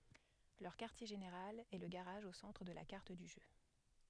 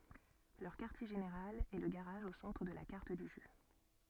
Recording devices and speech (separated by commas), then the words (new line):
headset microphone, soft in-ear microphone, read sentence
Leur quartier général est le garage au centre de la carte du jeu.